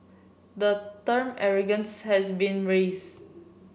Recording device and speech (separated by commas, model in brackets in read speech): boundary microphone (BM630), read sentence